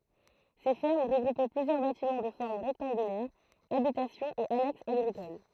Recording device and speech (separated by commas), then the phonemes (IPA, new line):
throat microphone, read sentence
se fɛʁm ʁəɡʁupɛ plyzjœʁ batimɑ̃ də fɔʁm ʁɛktɑ̃ɡylɛʁ abitasjɔ̃z e anɛksz aɡʁikol